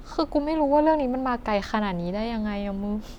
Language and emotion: Thai, sad